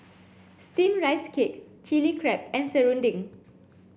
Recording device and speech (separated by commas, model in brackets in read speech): boundary microphone (BM630), read sentence